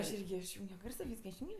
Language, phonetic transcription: Lithuanian, aš ˈirgi išˈjūngio ˈgarso ˈvyska išˈjūngio

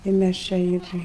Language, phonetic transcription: Lithuanian, ir ˈmæs čia ˈir

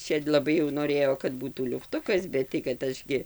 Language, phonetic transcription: Lithuanian, ˈčia laˈbai jau noˈrėjo kad ˈbūtų liufˈtukas ˈbet tai kad ˈaš gi

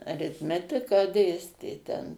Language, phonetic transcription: Lithuanian, aritˈmetiką ˈdėstė ten

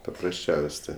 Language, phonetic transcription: Lithuanian, paprasˈčiaus' ˈtė

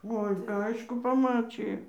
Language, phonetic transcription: Lithuanian, ˈoi ˈaišku paˈmačija

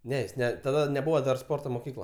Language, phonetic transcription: Lithuanian, ˈne jis ˈne taˈda neˈbūvo dar ˈsporto moˈkykla

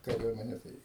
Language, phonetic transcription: Lithuanian, kaˈriuomene tai

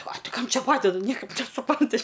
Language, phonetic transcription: Lithuanian, a ˈti ˈkam ˈčia ˈpadeda ˈniekaip nesuˈpranti

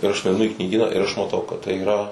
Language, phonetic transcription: Lithuanian, ir ˈaš nuaiˈnu i knyˈgyną ir aš maˈtau kad tai yˈra

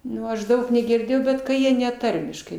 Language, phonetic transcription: Lithuanian, ˈnu aš ˈdaug negirˈdėjau ˈbet ka ˈjie ne ˈtarmiškai

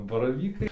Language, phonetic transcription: Lithuanian, baraˈvykai

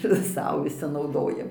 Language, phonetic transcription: Lithuanian, ir ˈsau viˈsi nauˈdojam

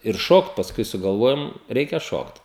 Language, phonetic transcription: Lithuanian, ir ˈšokt pasˈkui sugalˈvojom ˈreikia ˈšokt

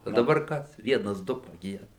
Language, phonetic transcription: Lithuanian, o daˈbar ˈkas ˈvienas ˈdu paˈgieda

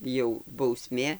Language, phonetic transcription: Lithuanian, jau bauˈsmė

